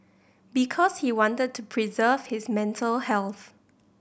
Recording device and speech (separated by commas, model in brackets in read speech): boundary microphone (BM630), read sentence